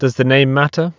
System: none